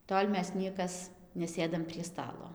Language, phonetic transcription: Lithuanian, ˈtol' ˈmes ˈniekas neˈsėdam prie ˈstalo

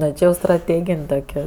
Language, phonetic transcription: Lithuanian, ˈne ˈči jau straˈtėgin' dauˈgiau

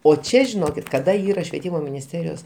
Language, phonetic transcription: Lithuanian, o ˈčia žiˈnokit kaˈda ˈyra švieˈtymo minisˈterijos

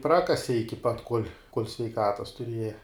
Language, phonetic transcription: Lithuanian, ˈprakasi ˈiki pat kol' sveiˈkatas tuˈrieja

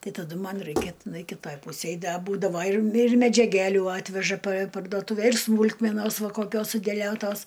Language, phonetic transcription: Lithuanian, ˈtai taˈdu ˈman ˈraikia tiˈnai kiˈtaj ˈpūsėj ˈda ˈbūdavo ir mi medžiaˈgæliu ˈatveža pa pardoˈtūve ir ˈsmūlkmenosˈva koˈkios sudeˈliotos

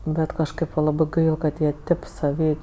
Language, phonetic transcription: Lithuanian, ˈbet kažˈkɜp va ˈlabɜ ˈkad jie ˈtėp saˈvy

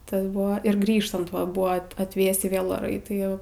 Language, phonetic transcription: Lithuanian, ˈtas ˈbuvo ir ˈgrįžtant ˈva ˈbuva at atˈvėsį ˈvėl oˈrai ˈtai

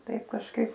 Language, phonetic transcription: Lithuanian, ˈtaip kažˈkaip

